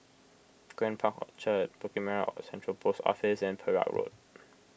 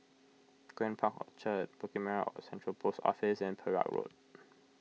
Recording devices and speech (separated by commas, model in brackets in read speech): boundary microphone (BM630), mobile phone (iPhone 6), read sentence